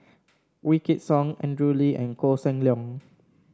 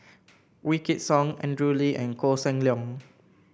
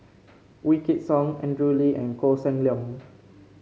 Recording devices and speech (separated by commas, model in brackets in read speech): standing microphone (AKG C214), boundary microphone (BM630), mobile phone (Samsung C5), read sentence